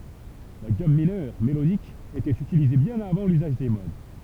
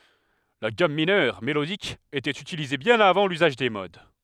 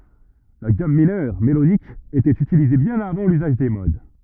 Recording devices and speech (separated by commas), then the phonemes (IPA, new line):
temple vibration pickup, headset microphone, rigid in-ear microphone, read sentence
la ɡam minœʁ melodik etɛt ytilize bjɛ̃n avɑ̃ lyzaʒ de mod